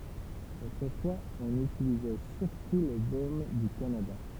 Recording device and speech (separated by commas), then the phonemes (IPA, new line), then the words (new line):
temple vibration pickup, read sentence
otʁəfwaz ɔ̃n ytilizɛ syʁtu lə bom dy kanada
Autrefois, on utilisait surtout le baume du Canada.